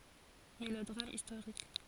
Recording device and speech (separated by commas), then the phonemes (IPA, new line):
forehead accelerometer, read sentence
melodʁam istoʁik